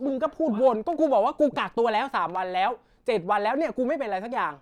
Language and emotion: Thai, angry